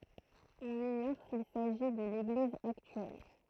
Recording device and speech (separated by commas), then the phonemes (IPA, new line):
throat microphone, read sentence
ɔ̃n iɲɔʁ sil saʒi də leɡliz aktyɛl